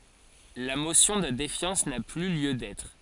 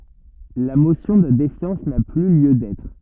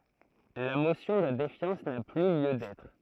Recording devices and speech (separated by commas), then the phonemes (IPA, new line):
forehead accelerometer, rigid in-ear microphone, throat microphone, read sentence
la mosjɔ̃ də defjɑ̃s na ply ljø dɛtʁ